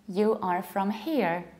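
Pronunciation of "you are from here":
In 'you are from here', each word is pronounced separately, without linking or reductions, which sounds foreign rather than native-like.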